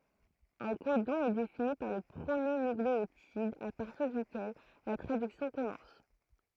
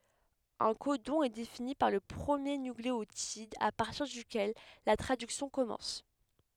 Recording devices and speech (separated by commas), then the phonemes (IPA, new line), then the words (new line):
throat microphone, headset microphone, read sentence
œ̃ kodɔ̃ ɛ defini paʁ lə pʁəmje nykleotid a paʁtiʁ dykɛl la tʁadyksjɔ̃ kɔmɑ̃s
Un codon est défini par le premier nucléotide à partir duquel la traduction commence.